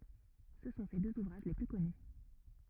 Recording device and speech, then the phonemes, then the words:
rigid in-ear microphone, read sentence
sə sɔ̃ se døz uvʁaʒ le ply kɔny
Ce sont ses deux ouvrages les plus connus.

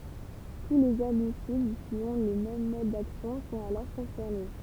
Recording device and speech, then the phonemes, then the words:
temple vibration pickup, read sentence
tu lez ɛʁbisid ki ɔ̃ lə mɛm mɔd daksjɔ̃ sɔ̃t alɔʁ kɔ̃sɛʁne
Tous les herbicides qui ont le même mode d’action sont alors concernés.

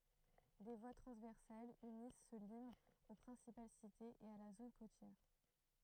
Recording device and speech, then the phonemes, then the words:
throat microphone, read sentence
de vwa tʁɑ̃zvɛʁsalz ynis sə limz o pʁɛ̃sipal sitez e a la zon kotjɛʁ
Des voies transversales unissent ce limes aux principales cités, et à la zone côtière.

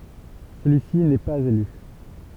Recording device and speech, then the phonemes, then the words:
temple vibration pickup, read sentence
səlyi si nɛ paz ely
Celui-ci n'est pas élu.

